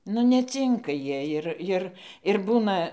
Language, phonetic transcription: Lithuanian, nu neˈcinka ˈjie jir ˈjir ir ˈbūna

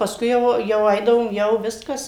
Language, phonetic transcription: Lithuanian, paˈskui jau jau ˈaidavom ˈjau ˈviskas

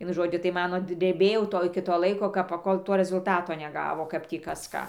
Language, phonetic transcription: Lithuanian, ˈvienu ˈžodžiu tai ˈmano dreˈbėjau ˈto ˈiki ˈto ˈlaiko ˈkap paˈkol ˈto rezulˈtato neˈgavo ˈkap tį ˈkas ˈką

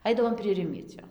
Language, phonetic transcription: Lithuanian, ˈaidavom prie ˈrimiecio

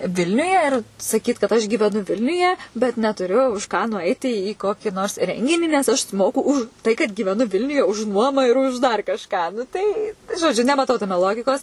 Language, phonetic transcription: Lithuanian, ˈvilniuje ir saˈkyt kad aš gyveˈnu ˈvilniuje bet netuˈriu už ˈką nuˈaiti į ˈkokį nors ˈrenginį nes ˈaš suˈmoku už ˈtai kad gyveˈnu ˈvilniuje už ˈnuoma ir už dar kažˈką tai žoˈdžiu nemaˈtau taˈme ˈlogikos

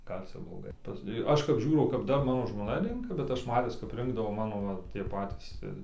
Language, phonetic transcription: Lithuanian, ˈgal' ˈcia bloˈgai pas i ˈaš kap ˈžiūrau kap ˈdar ˈmano žmoˈna ˈrenka bet ˈaš ˈmatis kap ˈrinkdavo ˈmano va ˈtie ˈpatys ir

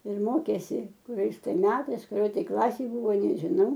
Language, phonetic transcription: Lithuanian, ir ˈmokėsi kuˈriais tai ˈmetais kuˈrioj tai ˈklasėj ˈbūvo nežiˈnau

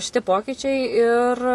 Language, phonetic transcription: Lithuanian, šiˈti ˈpokyčiai ir

